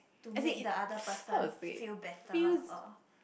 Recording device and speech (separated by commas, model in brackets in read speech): boundary microphone, conversation in the same room